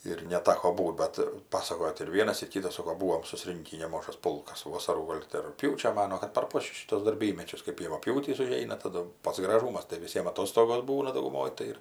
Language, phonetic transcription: Lithuanian, ir neˈtako ˈbūt ˈbat ˈpasakojo tai ir ˈvienas ir ˈkytas ˈsoko ˈbūvom suˈsrinkį neˈmažas ˈpulkas ˈvosarų ˈgol ti rugˈpjūčio ˈmanuo kad per ˈpočius ˈšytuos darˈbymečius kaip javapˈjūtys uˈžeina taˈdu ˈpats graˈžūmas tai viˈsiem aˈtostogos ˈbūna dauguˈmoj tai ˈir

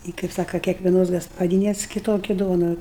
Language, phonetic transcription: Lithuanian, ˈi kaip ˈsaka kiekveˈnos gaspaˈdynes kiˈtoki ˈduonu

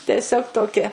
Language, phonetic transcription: Lithuanian, teˈsiog toˈki

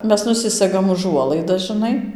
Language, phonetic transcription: Lithuanian, ˈmes nuˈsisegam uˈžuolaidas žɨˈnai

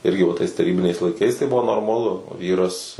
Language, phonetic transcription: Lithuanian, ˈirgi va tais taˈrybiniais laiˈkais tai ˈbuvo normaˈlu ˈvyras

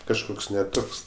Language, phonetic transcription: Lithuanian, kažˈkoks ne ˈtoks

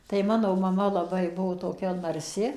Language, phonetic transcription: Lithuanian, tai ˈmano maˈma laˈbai ˈbuvo toˈkia narˈsi

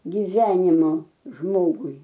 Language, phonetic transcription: Lithuanian, giˈvenimo ˈžmogui

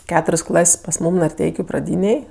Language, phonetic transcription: Lithuanian, ˈketur's' ˈklas' pas ˈmūm narˈteikiu praˈdynėj

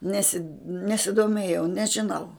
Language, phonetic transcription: Lithuanian, ˈnesid nesidoˈmėjau nežiˈnau

